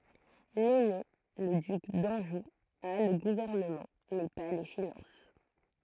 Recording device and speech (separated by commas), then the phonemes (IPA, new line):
throat microphone, read sentence
lɛne lə dyk dɑ̃ʒu a lə ɡuvɛʁnəmɑ̃ mɛ pa le finɑ̃s